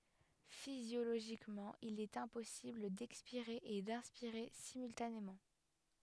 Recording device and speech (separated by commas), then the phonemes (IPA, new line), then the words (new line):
headset microphone, read sentence
fizjoloʒikmɑ̃ il ɛt ɛ̃pɔsibl dɛkspiʁe e dɛ̃spiʁe simyltanemɑ̃
Physiologiquement, il est impossible d'expirer et d'inspirer simultanément.